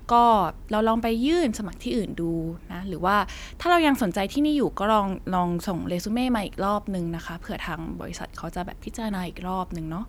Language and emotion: Thai, neutral